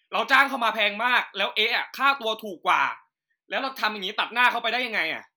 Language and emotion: Thai, angry